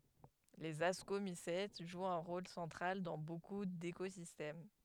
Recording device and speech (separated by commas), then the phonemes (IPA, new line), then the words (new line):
headset microphone, read sentence
lez askomisɛt ʒwt œ̃ ʁol sɑ̃tʁal dɑ̃ boku dekozistɛm
Les Ascomycètes jouent un rôle central dans beaucoup d’écosystèmes.